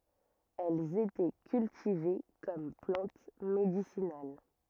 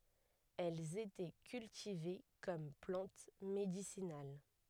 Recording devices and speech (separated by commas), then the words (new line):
rigid in-ear microphone, headset microphone, read sentence
Elles étaient cultivées comme plante médicinale.